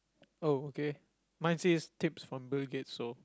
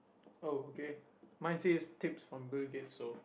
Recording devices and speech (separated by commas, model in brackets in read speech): close-talking microphone, boundary microphone, conversation in the same room